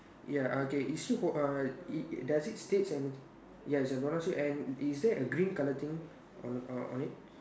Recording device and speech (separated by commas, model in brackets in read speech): standing microphone, conversation in separate rooms